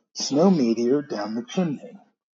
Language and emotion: English, fearful